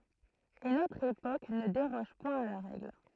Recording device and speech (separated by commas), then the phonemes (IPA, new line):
throat microphone, read sentence
e notʁ epok nə deʁɔʒ pwɛ̃ a la ʁɛɡl